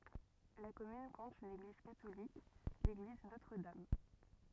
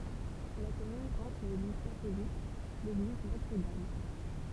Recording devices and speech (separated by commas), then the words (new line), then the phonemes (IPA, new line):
rigid in-ear microphone, temple vibration pickup, read sentence
La commune compte une église catholique, l'église Notre-Dame.
la kɔmyn kɔ̃t yn eɡliz katolik leɡliz notʁ dam